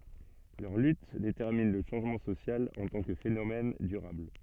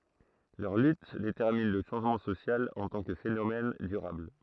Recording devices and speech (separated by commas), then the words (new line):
soft in-ear microphone, throat microphone, read sentence
Leurs luttes déterminent le changement social en tant que phénomène durable.